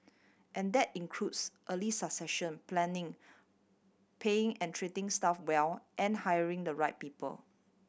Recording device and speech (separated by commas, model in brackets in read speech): boundary microphone (BM630), read sentence